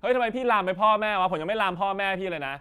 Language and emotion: Thai, angry